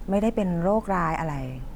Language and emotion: Thai, neutral